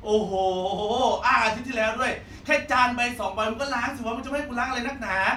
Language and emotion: Thai, frustrated